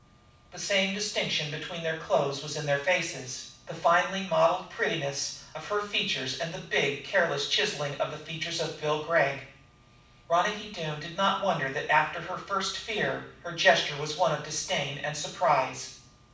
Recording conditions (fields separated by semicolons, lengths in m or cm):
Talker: one person; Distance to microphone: 5.8 m; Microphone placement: far; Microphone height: 1.8 m; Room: medium-sized (5.7 m by 4.0 m); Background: none